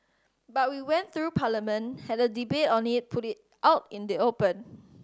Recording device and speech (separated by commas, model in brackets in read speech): standing microphone (AKG C214), read sentence